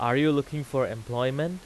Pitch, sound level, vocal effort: 140 Hz, 92 dB SPL, loud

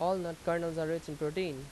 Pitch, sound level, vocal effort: 165 Hz, 89 dB SPL, loud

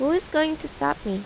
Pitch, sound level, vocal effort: 305 Hz, 83 dB SPL, normal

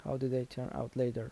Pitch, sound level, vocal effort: 125 Hz, 78 dB SPL, soft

